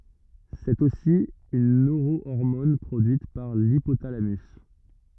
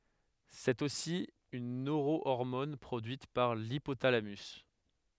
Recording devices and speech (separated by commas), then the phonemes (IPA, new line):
rigid in-ear microphone, headset microphone, read sentence
sɛt osi yn nøʁoɔʁmɔn pʁodyit paʁ lipotalamys